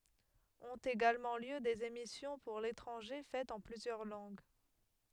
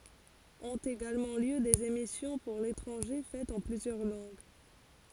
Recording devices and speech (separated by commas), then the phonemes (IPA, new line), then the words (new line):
headset microphone, forehead accelerometer, read sentence
ɔ̃t eɡalmɑ̃ ljø dez emisjɔ̃ puʁ letʁɑ̃ʒe fɛtz ɑ̃ plyzjœʁ lɑ̃ɡ
Ont également lieu des émissions pour l’étranger faites en plusieurs langues.